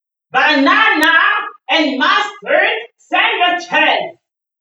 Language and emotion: English, disgusted